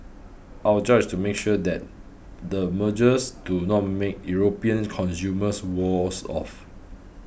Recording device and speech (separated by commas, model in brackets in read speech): boundary microphone (BM630), read sentence